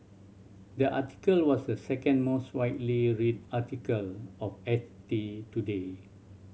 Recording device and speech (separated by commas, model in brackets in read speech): mobile phone (Samsung C7100), read sentence